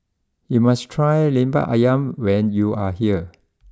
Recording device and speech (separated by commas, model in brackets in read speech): close-talking microphone (WH20), read sentence